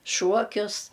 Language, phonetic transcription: Lithuanian, ˈšuokius

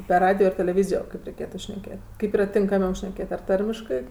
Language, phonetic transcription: Lithuanian, per ˈradijo ir teleˈvyzijo ˈkaip reiˈkėtu šneˈkėt' ˈkaip ˈyra tinkaˈmiau šneˈkėt ar ˈtarmiškɜ

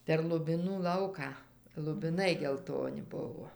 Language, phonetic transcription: Lithuanian, per lubiˈnų ˈlauką lubiˈnai gelˈtoni ˈbuvo

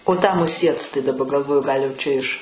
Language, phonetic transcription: Lithuanian, o tą muˈsiet tai daˈba galˈvoju ˈgal' jau ˈčia iš

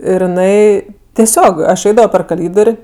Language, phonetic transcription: Lithuanian, ˈir jiˈnai teˈsiog aš ˈeidavo per kaˈlydor'

